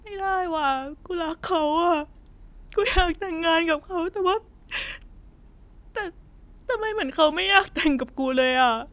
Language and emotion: Thai, sad